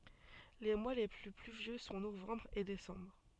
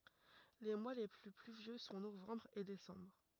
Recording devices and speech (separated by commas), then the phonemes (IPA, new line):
soft in-ear microphone, rigid in-ear microphone, read sentence
le mwa le ply plyvjø sɔ̃ novɑ̃bʁ e desɑ̃bʁ